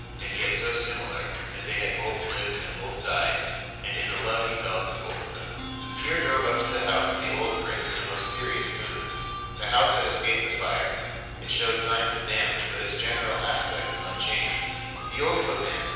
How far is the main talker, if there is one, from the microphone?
7.1 m.